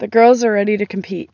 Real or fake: real